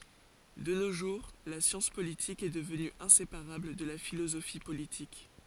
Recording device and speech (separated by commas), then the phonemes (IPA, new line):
forehead accelerometer, read sentence
də no ʒuʁ la sjɑ̃s politik ɛ dəvny ɛ̃sepaʁabl də la filozofi politik